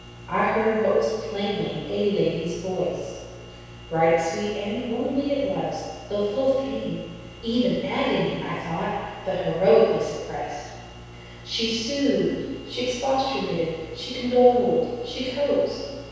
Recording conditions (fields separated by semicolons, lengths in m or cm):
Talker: one person; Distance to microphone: 7.1 m; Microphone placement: far; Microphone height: 1.7 m; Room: very reverberant, large; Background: none